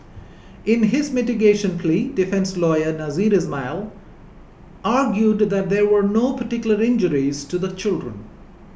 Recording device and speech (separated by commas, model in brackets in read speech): boundary microphone (BM630), read sentence